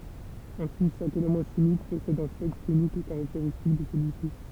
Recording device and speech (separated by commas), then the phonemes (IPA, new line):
temple vibration pickup, read sentence
ɛ̃si ʃak elemɑ̃ ʃimik pɔsɛd œ̃ spɛktʁ ynik e kaʁakteʁistik də səlyi si